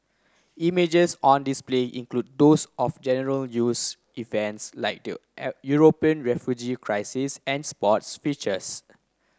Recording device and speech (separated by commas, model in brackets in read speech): close-talking microphone (WH30), read sentence